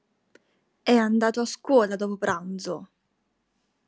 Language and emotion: Italian, angry